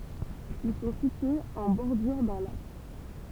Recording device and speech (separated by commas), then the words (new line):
temple vibration pickup, read sentence
Ils sont situés en bordure d'un lac.